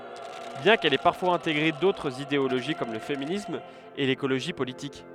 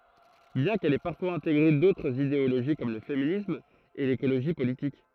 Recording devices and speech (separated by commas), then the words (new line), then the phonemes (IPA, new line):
headset microphone, throat microphone, read sentence
Bien qu'elle ait parfois intégré d'autres idéologie comme le féminisme et l'écologie politique.
bjɛ̃ kɛl ɛ paʁfwaz ɛ̃teɡʁe dotʁz ideoloʒi kɔm lə feminism e lekoloʒi politik